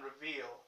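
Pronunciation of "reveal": The L at the end of 'reveal' sounds like an o sound, not an L.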